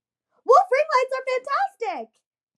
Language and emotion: English, happy